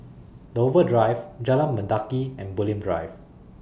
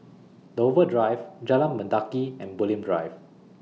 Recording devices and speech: boundary microphone (BM630), mobile phone (iPhone 6), read sentence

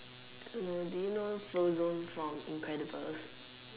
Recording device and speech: telephone, conversation in separate rooms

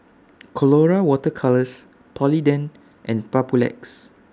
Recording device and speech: standing microphone (AKG C214), read sentence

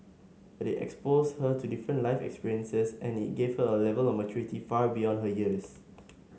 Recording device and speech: mobile phone (Samsung S8), read sentence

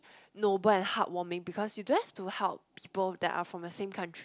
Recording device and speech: close-talking microphone, conversation in the same room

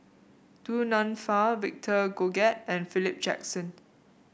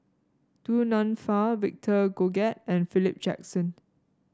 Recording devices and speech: boundary microphone (BM630), standing microphone (AKG C214), read sentence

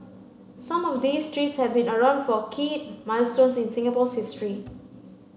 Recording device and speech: mobile phone (Samsung C9), read sentence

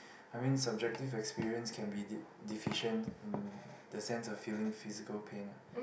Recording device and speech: boundary microphone, conversation in the same room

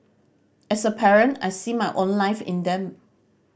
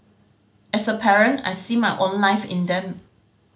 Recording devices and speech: boundary microphone (BM630), mobile phone (Samsung C5010), read sentence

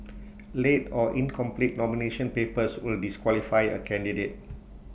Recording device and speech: boundary microphone (BM630), read sentence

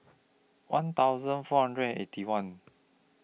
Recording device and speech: mobile phone (iPhone 6), read sentence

